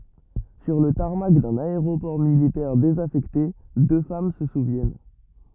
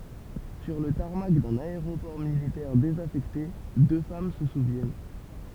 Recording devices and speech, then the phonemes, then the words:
rigid in-ear microphone, temple vibration pickup, read sentence
syʁ lə taʁmak dœ̃n aeʁopɔʁ militɛʁ dezafɛkte dø fam sə suvjɛn
Sur le tarmac d'un aéroport militaire désaffecté, deux femmes se souviennent.

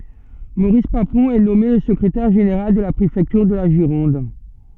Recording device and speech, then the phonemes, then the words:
soft in-ear microphone, read sentence
moʁis papɔ̃ ɛ nɔme lə səkʁetɛʁ ʒeneʁal də la pʁefɛktyʁ də la ʒiʁɔ̃d
Maurice Papon est nommé le secrétaire général de la préfecture de la Gironde.

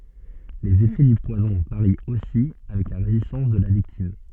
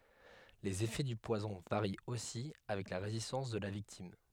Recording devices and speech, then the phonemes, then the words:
soft in-ear microphone, headset microphone, read sentence
lez efɛ dy pwazɔ̃ vaʁi osi avɛk la ʁezistɑ̃s də la viktim
Les effets du poison varient aussi avec la résistance de la victime.

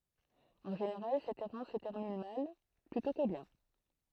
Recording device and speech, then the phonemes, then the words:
throat microphone, read sentence
ɑ̃ ʒeneʁal sɛt ɛʁɑ̃s sə tɛʁmin mal plytɔ̃ kə bjɛ̃
En général, cette errance se termine mal plutôt que bien.

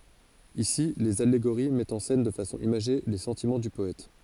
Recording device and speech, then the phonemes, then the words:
forehead accelerometer, read sentence
isi lez aleɡoʁi mɛtt ɑ̃ sɛn də fasɔ̃ imaʒe le sɑ̃timɑ̃ dy pɔɛt
Ici, les allégories mettent en scène de façon imagée les sentiments du poète.

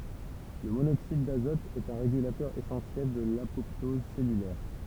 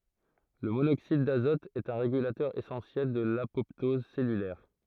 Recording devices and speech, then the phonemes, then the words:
temple vibration pickup, throat microphone, read sentence
lə monoksid dazɔt ɛt œ̃ ʁeɡylatœʁ esɑ̃sjɛl də lapɔptɔz sɛlylɛʁ
Le monoxyde d'azote est un régulateur essentiel de l'apoptose cellulaire.

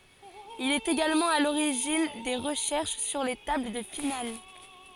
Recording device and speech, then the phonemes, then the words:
forehead accelerometer, read sentence
il ɛt eɡalmɑ̃ a loʁiʒin de ʁəʃɛʁʃ syʁ le tabl də final
Il est également à l'origine des recherches sur les tables de finales.

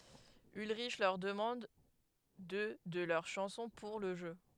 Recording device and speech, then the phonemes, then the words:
headset microphone, read sentence
ylʁiʃ lœʁ dəmɑ̃d dø də lœʁ ʃɑ̃sɔ̃ puʁ lə ʒø
Ulrich leur demande deux de leurs chansons pour le jeu.

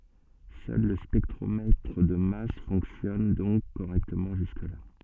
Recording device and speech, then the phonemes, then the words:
soft in-ear microphone, read sentence
sœl lə spɛktʁomɛtʁ də mas fɔ̃ksjɔn dɔ̃k koʁɛktəmɑ̃ ʒyskəla
Seul le spectromètre de masse fonctionne donc correctement jusque-là.

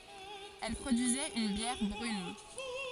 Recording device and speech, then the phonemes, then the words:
forehead accelerometer, read sentence
ɛl pʁodyizɛt yn bjɛʁ bʁyn
Elle produisait une bière brune.

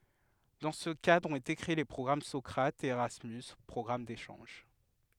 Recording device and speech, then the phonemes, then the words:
headset microphone, read sentence
dɑ̃ sə kadʁ ɔ̃t ete kʁee le pʁɔɡʁam sɔkʁatz e eʁasmys pʁɔɡʁam deʃɑ̃ʒ
Dans ce cadre ont été créés les programmes Socrates et Erasmus - programmes d'échanges.

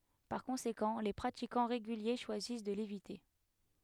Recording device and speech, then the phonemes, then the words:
headset microphone, read sentence
paʁ kɔ̃sekɑ̃ le pʁatikɑ̃ ʁeɡylje ʃwazis də levite
Par conséquent, les pratiquants réguliers choisissent de l'éviter.

